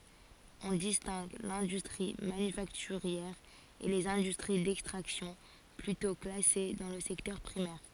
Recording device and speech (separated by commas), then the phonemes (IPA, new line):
forehead accelerometer, read sentence
ɔ̃ distɛ̃ɡ lɛ̃dystʁi manyfaktyʁjɛʁ e lez ɛ̃dystʁi dɛkstʁaksjɔ̃ plytɔ̃ klase dɑ̃ lə sɛktœʁ pʁimɛʁ